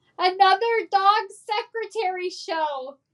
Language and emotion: English, fearful